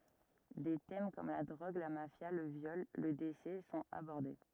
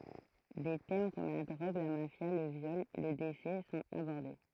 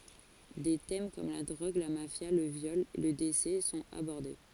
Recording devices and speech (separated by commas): rigid in-ear microphone, throat microphone, forehead accelerometer, read sentence